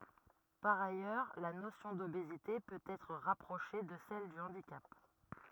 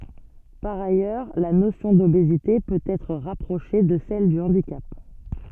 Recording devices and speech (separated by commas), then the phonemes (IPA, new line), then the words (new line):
rigid in-ear microphone, soft in-ear microphone, read sentence
paʁ ajœʁ la nosjɔ̃ dobezite pøt ɛtʁ ʁapʁoʃe də sɛl dy ɑ̃dikap
Par ailleurs, la notion d’obésité peut être rapprochée de celle du handicap.